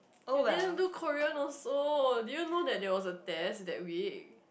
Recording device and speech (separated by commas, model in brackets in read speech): boundary microphone, conversation in the same room